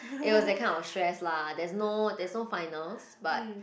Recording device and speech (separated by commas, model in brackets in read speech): boundary microphone, conversation in the same room